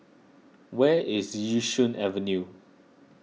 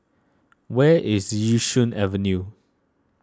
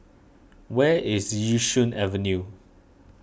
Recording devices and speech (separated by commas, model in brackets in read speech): mobile phone (iPhone 6), standing microphone (AKG C214), boundary microphone (BM630), read sentence